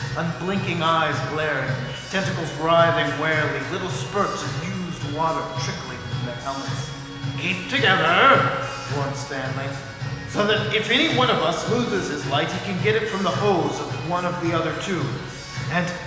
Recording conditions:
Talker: one person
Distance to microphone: 1.7 m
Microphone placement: close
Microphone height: 1.0 m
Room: very reverberant, large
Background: music

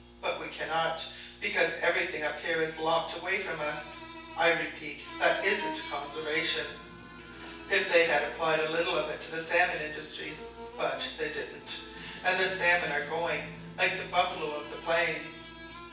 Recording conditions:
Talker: one person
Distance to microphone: 9.8 m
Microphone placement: far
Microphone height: 1.8 m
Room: large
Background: television

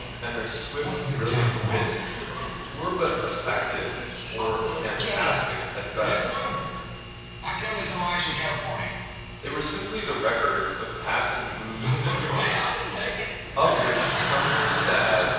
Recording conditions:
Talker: one person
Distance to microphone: 7.1 m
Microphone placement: far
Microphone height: 1.7 m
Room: very reverberant, large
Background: television

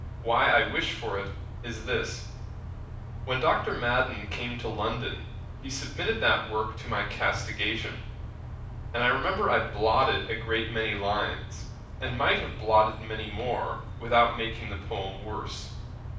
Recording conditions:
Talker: one person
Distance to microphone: 5.8 m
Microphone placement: far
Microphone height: 1.8 m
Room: medium-sized (5.7 m by 4.0 m)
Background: none

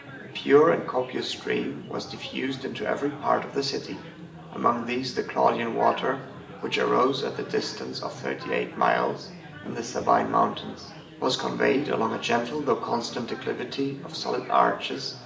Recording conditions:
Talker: one person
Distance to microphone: 1.8 m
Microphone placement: close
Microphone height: 1.0 m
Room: large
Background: babble

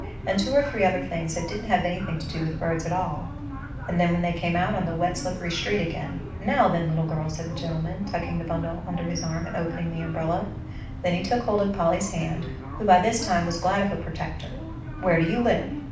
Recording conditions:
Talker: one person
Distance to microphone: 5.8 m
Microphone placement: far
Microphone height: 1.8 m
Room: medium-sized (5.7 m by 4.0 m)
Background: television

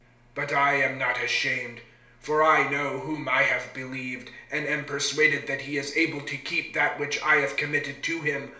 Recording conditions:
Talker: one person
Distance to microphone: 1.0 m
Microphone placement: close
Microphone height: 1.1 m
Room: small (3.7 m by 2.7 m)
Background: none

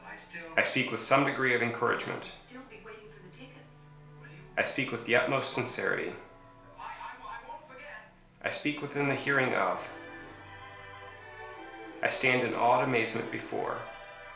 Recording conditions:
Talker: one person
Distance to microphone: 1.0 m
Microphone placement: close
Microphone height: 1.1 m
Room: small (3.7 m by 2.7 m)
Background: television

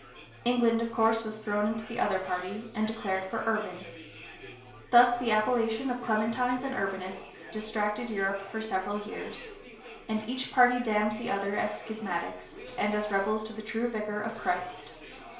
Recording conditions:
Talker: one person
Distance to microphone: 1.0 m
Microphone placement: close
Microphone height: 1.1 m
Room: small (3.7 m by 2.7 m)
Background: babble

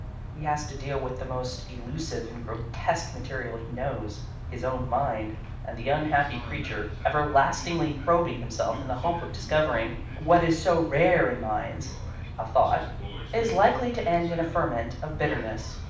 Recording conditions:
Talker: one person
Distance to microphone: 5.8 m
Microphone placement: far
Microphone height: 1.8 m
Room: medium-sized (5.7 m by 4.0 m)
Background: television

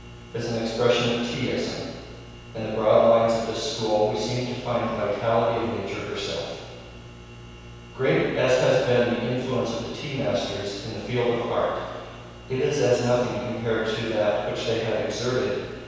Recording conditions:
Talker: one person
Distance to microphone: 7.1 m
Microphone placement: far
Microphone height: 1.7 m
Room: very reverberant, large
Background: none

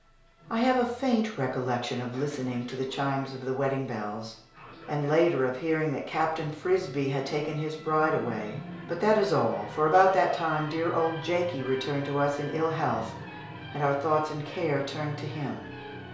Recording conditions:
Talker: one person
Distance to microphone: 1.0 m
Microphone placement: close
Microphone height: 1.1 m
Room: small (3.7 m by 2.7 m)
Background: television

